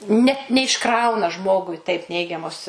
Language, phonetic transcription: Lithuanian, ˈne neišˈkrauna ˈžmogui taip ˈneigiamos

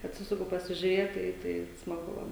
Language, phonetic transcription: Lithuanian, atˈsisuku pasižiuˈrėt ˈtai tai smaˈgu ˈva

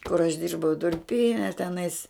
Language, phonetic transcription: Lithuanian, kur aš ˈdirbau durˈpyne teˈnais

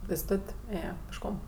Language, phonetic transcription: Lithuanian, pėsˈtot' ˈėjė pėšˈkom

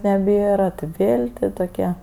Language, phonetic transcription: Lithuanian, neˈbėra ti ˈvėl' ti toˈke

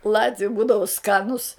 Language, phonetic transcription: Lithuanian, ˈlatviu ˈbūdavu ˈskanus

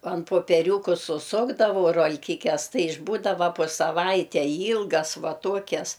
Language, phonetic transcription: Lithuanian, an popeˈriūku suˈsukdavau rol'ˈkikes ˈtai išˈbūdava po saˈvaitei ˈylgas ˈva ˈtuokias

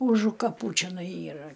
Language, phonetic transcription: Lithuanian, ˈužu kaˈpų čeˈnai ˈyra

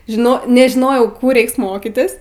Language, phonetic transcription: Lithuanian, žiˈno nežiˈnojau ˈkų ˈreiks ˈmokitis

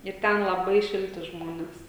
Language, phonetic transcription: Lithuanian, ir ˈten laˈbai ˈšilti ˈžmones

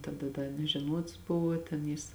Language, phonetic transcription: Lithuanian, taˈda ˈda nežeˈnuots ˈbuvo ten ˈjis

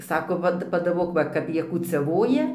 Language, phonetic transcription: Lithuanian, ˈsako ˈvat padaˈbok ˈva ˈkap ˈjie kūciaˈvoja

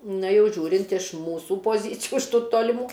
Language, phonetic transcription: Lithuanian, ˈna ˈjau ˈžiūrint iš ˈmūsų poˈzycijų iš ˈtų toliˈmų

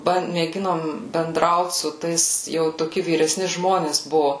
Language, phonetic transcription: Lithuanian, ˈban mėˈginom benˈdraut su ˈtais jau toˈki vyreˈsni ˈžmonės ˈbuvo

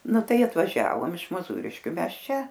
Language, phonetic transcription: Lithuanian, ˈnu ˈtai atvaˈžiavom iš moˈzūriškiu ˈmes ˈčia

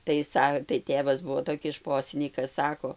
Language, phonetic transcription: Lithuanian, tai ˈsa tai ˈtėvas ˈbuo toˈkis ˈšposinykas ˈsako

